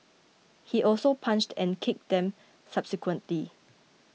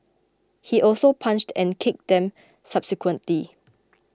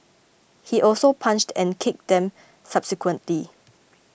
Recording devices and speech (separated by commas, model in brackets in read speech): mobile phone (iPhone 6), close-talking microphone (WH20), boundary microphone (BM630), read sentence